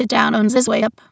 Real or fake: fake